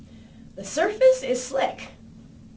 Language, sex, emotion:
English
female
neutral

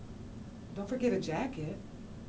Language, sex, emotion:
English
female
neutral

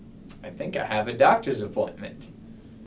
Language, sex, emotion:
English
male
neutral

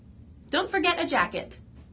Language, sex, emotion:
English
female
neutral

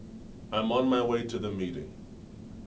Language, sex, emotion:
English
male
neutral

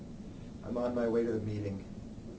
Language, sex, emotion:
English
male
neutral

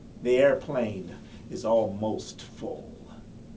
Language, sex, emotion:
English
male
neutral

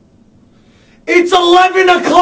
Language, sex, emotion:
English
male
angry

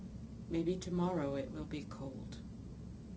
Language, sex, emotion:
English
female
neutral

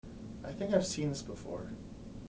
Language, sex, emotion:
English
male
neutral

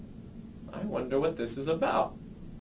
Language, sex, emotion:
English
male
happy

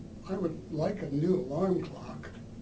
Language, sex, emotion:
English
male
neutral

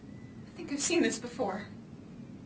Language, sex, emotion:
English
female
fearful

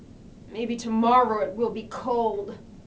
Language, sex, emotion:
English
female
sad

